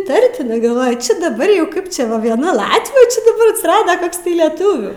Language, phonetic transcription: Lithuanian, iˈtartinai galˈvoju ˈčia daˈbar jau ˈkaip ˈčia va vieˈna ˈlatvių čia daˈbar atsiˈrada ˈkoks tai leˈtuvių

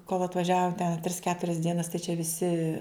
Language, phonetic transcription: Lithuanian, kol atvaˈžiavo ten a tris ˈketurias ˈdienas tai čia viˈsi

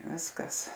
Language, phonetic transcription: Lithuanian, ˈviskas

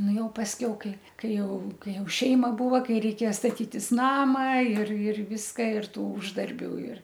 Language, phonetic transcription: Lithuanian, ˈnu ˈjau pasˈkiau ˈkai ˈkai ˈjau ˈkai ˈjau ˈšeima ˈbūva ˈkai reiˈkėja staˈtytis ˈnama ir ir ˈviska ir ˈtų ˈuždarbių ir

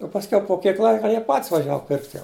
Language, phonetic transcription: Lithuanian, o pasˈkiau po ˈkiek ˈlaika ˈjie pat's' vaˈžiava pirkt' jau

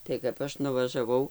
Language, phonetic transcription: Lithuanian, tai kap ˈaš nuvažaˈvau

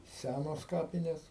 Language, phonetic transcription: Lithuanian, ˈsænos ˈkapinės

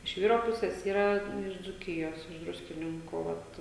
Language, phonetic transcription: Lithuanian, iš ˈvyro ˈpusės ˈyra ˈten iš dzūˈkijos iš ˈdruskininkų ˈvat

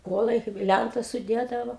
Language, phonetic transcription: Lithuanian, ˈkuolai kaip ˈlæntas suˈdėdavo

